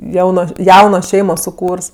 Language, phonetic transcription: Lithuanian, ˈjaunos ˈjauno ˈšeimo suˈkūrs

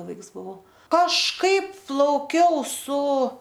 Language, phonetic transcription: Lithuanian, ˈvaiks buˈvau kažˈkaip plauˈkiau su

